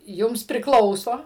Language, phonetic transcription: Lithuanian, ˈjums priˈklauso

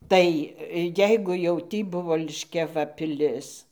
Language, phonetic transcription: Lithuanian, ˈtai ˈjeigu jau ˈtį ˈbuvo liškiaˈva piˈlis

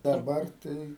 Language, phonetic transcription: Lithuanian, daˈbar ˈtai

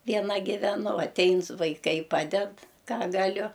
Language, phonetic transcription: Lithuanian, vieˈna giveˈnu aˈtein su vaiˈkai ˈpaded ˈką gaˈliu

